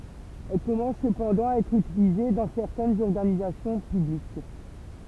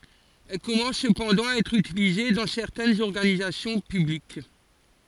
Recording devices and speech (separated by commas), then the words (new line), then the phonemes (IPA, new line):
temple vibration pickup, forehead accelerometer, read sentence
Elle commence cependant à être utilisée dans certaines organisations publiques.
ɛl kɔmɑ̃s səpɑ̃dɑ̃ a ɛtʁ ytilize dɑ̃ sɛʁtɛnz ɔʁɡanizasjɔ̃ pyblik